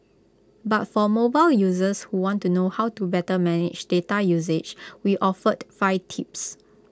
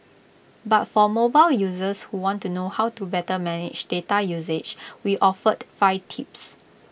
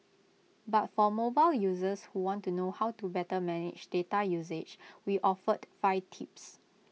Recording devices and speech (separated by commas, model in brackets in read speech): close-talking microphone (WH20), boundary microphone (BM630), mobile phone (iPhone 6), read sentence